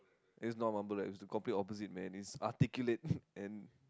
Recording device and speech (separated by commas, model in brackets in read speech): close-talking microphone, conversation in the same room